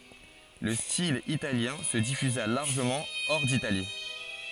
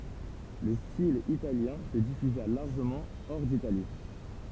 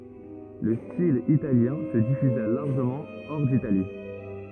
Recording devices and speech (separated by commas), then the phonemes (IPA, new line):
forehead accelerometer, temple vibration pickup, rigid in-ear microphone, read sentence
lə stil italjɛ̃ sə difyza laʁʒəmɑ̃ ɔʁ ditali